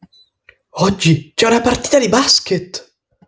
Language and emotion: Italian, surprised